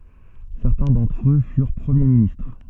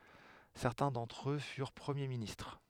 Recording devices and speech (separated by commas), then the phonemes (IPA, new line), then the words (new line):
soft in-ear microphone, headset microphone, read sentence
sɛʁtɛ̃ dɑ̃tʁ ø fyʁ pʁəmje ministʁ
Certains d'entre eux furent Premiers ministres.